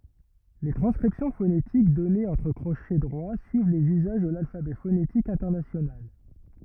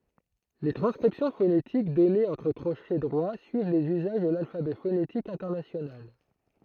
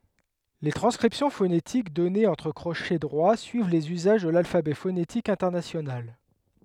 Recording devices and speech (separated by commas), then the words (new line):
rigid in-ear microphone, throat microphone, headset microphone, read sentence
Les transcriptions phonétiques données entre crochets droits suivent les usages de l'alphabet phonétique international.